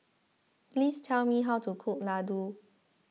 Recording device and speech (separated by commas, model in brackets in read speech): mobile phone (iPhone 6), read sentence